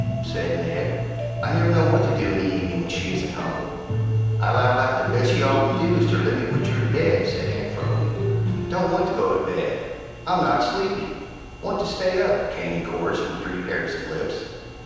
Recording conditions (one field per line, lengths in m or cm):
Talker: one person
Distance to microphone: 7.1 m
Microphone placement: far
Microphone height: 1.7 m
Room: very reverberant, large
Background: music